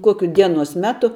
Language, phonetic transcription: Lithuanian, ˈkokiu ˈdienos ˈmetu

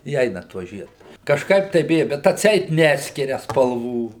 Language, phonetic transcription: Lithuanian, i ˈeina ˈtuo ˈžiedu kažˈkaip tai ˈbija bet atˈseit ˈneskiria spalˈvų

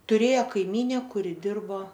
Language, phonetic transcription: Lithuanian, tuˈrėjo kaiˈmyne ˈkuri ˈdirbo

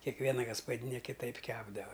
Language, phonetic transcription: Lithuanian, kekˈviena gaspaˈdyne kiˈtaip ˈkepdava

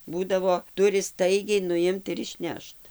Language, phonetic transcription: Lithuanian, ˈbūdavo ˈturi ˈstaigiai nuˈimt ir išˈnešt

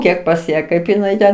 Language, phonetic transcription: Lithuanian, ˈkiek pas ˈją ˈkaip iˈnai ten

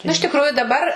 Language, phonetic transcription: Lithuanian, nu iš tikˈruju daˈbar

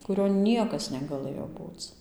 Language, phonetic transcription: Lithuanian, kuˈrion ˈniekas negaˈlɘjo ˈbūc

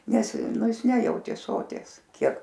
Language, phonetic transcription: Lithuanian, ˈnes ˈnu ˈjis ˈnejautė ˈsoties ˈkiek

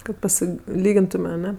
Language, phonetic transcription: Lithuanian, kad paˈsi ˈlygintume aˈne

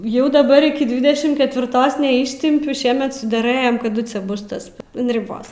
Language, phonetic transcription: Lithuanian, ˈjau daˈbar ˈiki ˈdvidešim ketviˈrtos neˈištimpiu ˈšiemet sudeˈrɘjame kaˈdu ˈcia ˈbus tas an riˈbos

